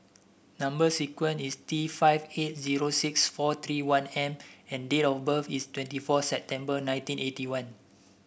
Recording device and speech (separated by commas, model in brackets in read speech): boundary microphone (BM630), read sentence